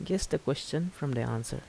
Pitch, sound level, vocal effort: 145 Hz, 77 dB SPL, soft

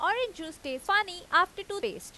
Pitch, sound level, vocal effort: 395 Hz, 94 dB SPL, loud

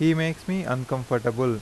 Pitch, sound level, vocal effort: 130 Hz, 86 dB SPL, normal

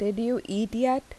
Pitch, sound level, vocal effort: 230 Hz, 82 dB SPL, normal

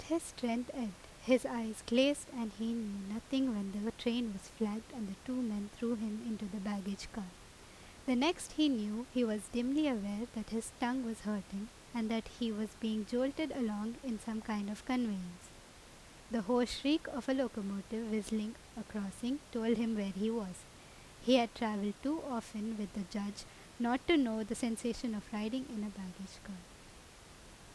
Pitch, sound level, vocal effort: 225 Hz, 83 dB SPL, normal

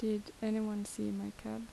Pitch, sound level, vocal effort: 205 Hz, 77 dB SPL, soft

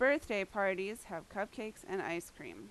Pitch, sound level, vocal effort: 200 Hz, 88 dB SPL, very loud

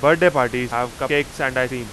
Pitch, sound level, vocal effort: 130 Hz, 97 dB SPL, very loud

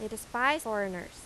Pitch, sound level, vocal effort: 220 Hz, 88 dB SPL, loud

